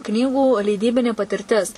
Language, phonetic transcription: Lithuanian, ˈknygų leiˈdybinė patirˈtis

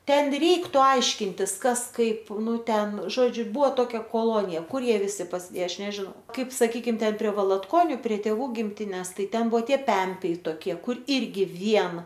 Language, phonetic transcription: Lithuanian, ˈten ˈreiktu ˈaiškintis ˈkas kaip ˈnu ˈten ˈžodžiu ˈbuvo ˈtokia koˈlonija ˈkur ˈjie viˈsi pasiˈdėja ˈaš nežiˈnau ˈkaip saˈkykim prie valatˈkoniu prie tėˈvų gimˈtines ˈtai ˈten ˈbuvo ˈtie ˈpempiai tokˈie ˈkur ˈirgi ˈvien

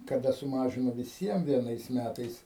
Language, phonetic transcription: Lithuanian, kaˈda suˈmažino viˈsiem vieˈnais ˈmætais

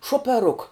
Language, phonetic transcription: Lithuanian, šuopeˈruk

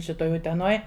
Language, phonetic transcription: Lithuanian, šiˈtoj uteˈnoj

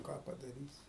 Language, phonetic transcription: Lithuanian, ˈką padaˈrysi

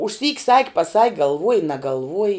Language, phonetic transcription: Lithuanian, užˈsyk' sak' paˈsak' galˈvuoj nagalˈvuoji

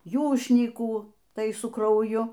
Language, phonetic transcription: Lithuanian, ˈjūšnykų ˈtai su krauˈju

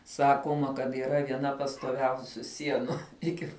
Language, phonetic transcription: Lithuanian, ˈsakoma kad yˈra vieˈna pastoˈviausių ˈsienu ˈiki

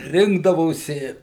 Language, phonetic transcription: Lithuanian, ˈrinkdavosi

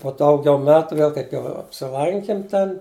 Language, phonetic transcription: Lithuanian, po ˈdaugiau ˈmetu ˈvėl kaip jau apsiˈlankim ˈten

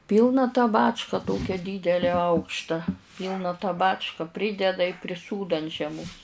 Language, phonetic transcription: Lithuanian, ˈpylna tą ˈbačką ˈtokia ˈdydelę ˈaukšta ˈpylna tą ˈbačka ˈprydeda i priˈsūdo ant žieˈmos

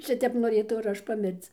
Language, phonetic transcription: Lithuanian, ˈšitep noˈrėtau ir ˈaš paˈmirc

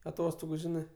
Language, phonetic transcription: Lithuanian, aˈtostogu ˈžinɜ

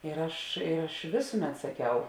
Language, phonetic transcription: Lithuanian, ir ˈaš ˈaš ˈvėsuˌmet saˈkiau

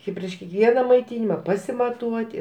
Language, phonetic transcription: Lithuanian, i prieš kiekˈviena maiˈtinima pasimaˈtuoti

